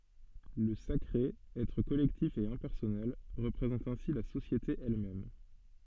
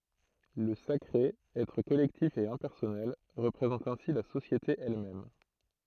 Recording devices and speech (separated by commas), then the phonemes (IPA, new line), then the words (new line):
soft in-ear microphone, throat microphone, read sentence
lə sakʁe ɛtʁ kɔlɛktif e ɛ̃pɛʁsɔnɛl ʁəpʁezɑ̃t ɛ̃si la sosjete ɛl mɛm
Le sacré, être collectif et impersonnel, représente ainsi la société elle-même.